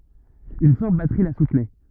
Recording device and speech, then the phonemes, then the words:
rigid in-ear microphone, read sentence
yn fɔʁt batʁi la sutnɛ
Une forte batterie la soutenait.

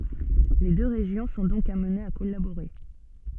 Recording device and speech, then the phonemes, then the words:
soft in-ear microphone, read sentence
le dø ʁeʒjɔ̃ sɔ̃ dɔ̃k amnez a kɔlaboʁe
Les deux régions sont donc amenées à collaborer.

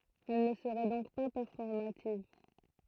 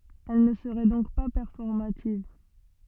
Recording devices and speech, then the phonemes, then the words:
throat microphone, soft in-ear microphone, read sentence
ɛl nə səʁɛ dɔ̃k pa pɛʁfɔʁmativ
Elle ne serait donc pas performative.

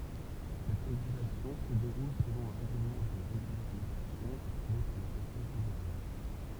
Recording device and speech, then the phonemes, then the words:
temple vibration pickup, read sentence
sɛt ʁeɡylasjɔ̃ sə deʁul səlɔ̃ œ̃ ʁɛɡləmɑ̃ də ʁeɡylaʁizasjɔ̃ apʁuve paʁ lə kɔ̃sɛj fedeʁal
Cette régulation se déroule selon un règlement de régularisation approuvé par le Conseil fédéral.

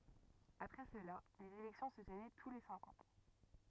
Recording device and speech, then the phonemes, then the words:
rigid in-ear microphone, read sentence
apʁɛ səla lez elɛktjɔ̃ sə tənɛ tu le sɛ̃k ɑ̃
Après cela, les élections se tenaient tous les cinq ans.

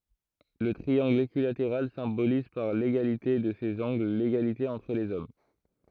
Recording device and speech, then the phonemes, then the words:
throat microphone, read sentence
lə tʁiɑ̃ɡl ekyilateʁal sɛ̃boliz paʁ leɡalite də sez ɑ̃ɡl leɡalite ɑ̃tʁ lez ɔm
Le triangle équilatéral symbolise par l'égalité de ses angles l’égalité entre les hommes.

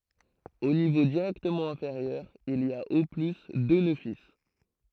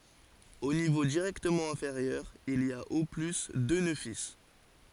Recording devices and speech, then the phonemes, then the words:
throat microphone, forehead accelerometer, read sentence
o nivo diʁɛktəmɑ̃ ɛ̃feʁjœʁ il i a o ply dø nø fil
Au niveau directement inférieur, il y a au plus deux nœuds fils.

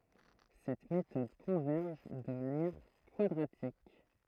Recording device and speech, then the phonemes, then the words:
throat microphone, read sentence
sɛt metɔd kɔ̃vɛʁʒ də manjɛʁ kwadʁatik
Cette méthode converge de manière quadratique.

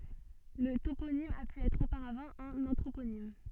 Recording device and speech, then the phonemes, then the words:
soft in-ear microphone, read sentence
lə toponim a py ɛtʁ opaʁavɑ̃ œ̃n ɑ̃tʁoponim
Le toponyme a pu être auparavant un anthroponyme.

